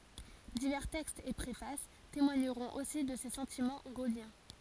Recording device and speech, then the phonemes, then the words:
forehead accelerometer, read sentence
divɛʁ tɛkstz e pʁefas temwaɲəʁɔ̃t osi də se sɑ̃timɑ̃ ɡoljɛ̃
Divers textes et préfaces témoigneront aussi de ses sentiments gaulliens.

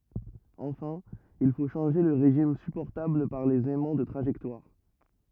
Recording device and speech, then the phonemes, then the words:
rigid in-ear microphone, read sentence
ɑ̃fɛ̃ il fo ʃɑ̃ʒe lə ʁeʒim sypɔʁtabl paʁ lez ɛmɑ̃ də tʁaʒɛktwaʁ
Enfin, il faut changer le régime supportable par les aimants de trajectoire.

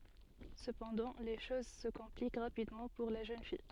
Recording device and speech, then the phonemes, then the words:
soft in-ear microphone, read sentence
səpɑ̃dɑ̃ le ʃoz sə kɔ̃plik ʁapidmɑ̃ puʁ la ʒøn fij
Cependant, les choses se compliquent rapidement pour la jeune fille.

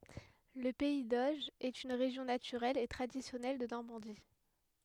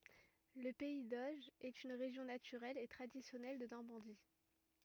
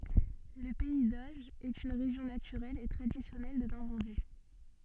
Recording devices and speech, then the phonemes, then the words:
headset microphone, rigid in-ear microphone, soft in-ear microphone, read sentence
lə pɛi doʒ ɛt yn ʁeʒjɔ̃ natyʁɛl e tʁadisjɔnɛl də nɔʁmɑ̃di
Le pays d'Auge est une région naturelle et traditionnelle de Normandie.

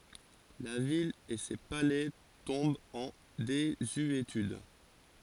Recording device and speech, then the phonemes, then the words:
forehead accelerometer, read sentence
la vil e se palɛ tɔ̃bt ɑ̃ dezyetyd
La ville et ses palais tombent en désuétude.

